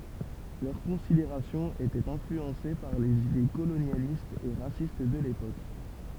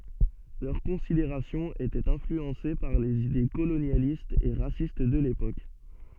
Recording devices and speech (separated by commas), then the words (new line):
temple vibration pickup, soft in-ear microphone, read sentence
Leurs considérations étaient influencées par les idées colonialistes et racistes de l'époque.